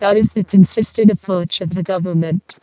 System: VC, vocoder